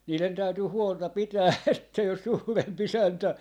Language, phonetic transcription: Finnish, 'niilen täytyy "huolta 'pitää että jos 'suurem'p ‿isäntä ,.
- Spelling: niiden täytyy huolta pitää että jos suurempi isäntä

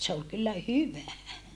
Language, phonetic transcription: Finnish, se ol kyllä hyvä .
- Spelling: se oli kyllä hyvä

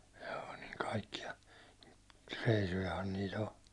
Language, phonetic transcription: Finnish, hᴊᴏᴏ niŋ 'kaikki₍a , 'reisujahan nii't ‿o .
- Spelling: joo niin kaikkia reissujahan niitä on

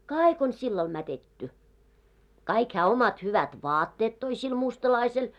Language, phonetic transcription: Finnish, kaaik ‿on 'sillal mätetty , kaik hää 'omat 'hyvät "vaatteet toi sil 'mustalaisel .
- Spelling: kaikki on sillä lailla mätetty kaikki hän omat hyvät vaatteet toi sille mustalaiselle

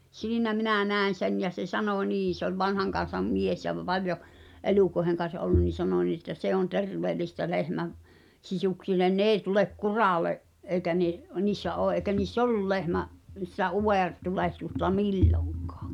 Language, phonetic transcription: Finnish, siinä 'minä̀ "nä̀en̬ "sen ja se "sanò 'nii , se ‿oĺ 'vanhaŋkan̬sam "mies ja v- , 'valjo , "elùkoĕheŋ kan̬s ’ollun nin̬ 'sano nii että 'se on "terveelistä 'lehmäv , 'sisuksillen "n ‿eeⁱ tulek "kuràle’ , '’eikä ne’ , niissä ’oo , ’èikä niis"s ‿ollul 'lehmä’ , sⁱtä '’uw(è)r'tuleht̳usta "milloŋkᴀᴀ .
- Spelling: siinä minä näen sen ja se sanoi niin se oli vanhan kansan mies ja - paljon elukoiden kanssa ollut niin sanoi niin että se on terveellistä lehmän sisuksille ne ei tule kuralle eikä ne niissä ole eikä niissä ollut lehmän sitä utaretulehdusta milloinkaan

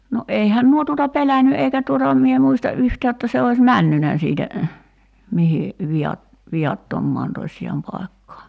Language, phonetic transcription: Finnish, no '’eihän nuo tuota "pelänny 'eikä tuota (e)m mie 'muista "’yhtää jotta se ois "männynä siitä , 'mihi , 'vi₍at- , 'vi₍attommaan tośjaam pai̬kkaa .
- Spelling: no eihän nuo tuota pelännyt eikä tuota en minä muista yhtään jotta se olisi mennyt siitä mihin - viattomaan tosiaan paikkaan

